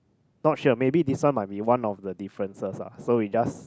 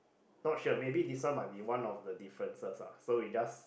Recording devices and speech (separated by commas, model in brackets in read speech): close-talking microphone, boundary microphone, conversation in the same room